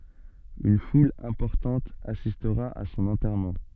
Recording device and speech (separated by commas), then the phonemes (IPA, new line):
soft in-ear microphone, read sentence
yn ful ɛ̃pɔʁtɑ̃t asistʁa a sɔ̃n ɑ̃tɛʁmɑ̃